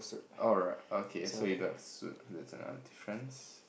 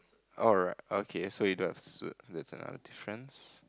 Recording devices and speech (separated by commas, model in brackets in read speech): boundary microphone, close-talking microphone, conversation in the same room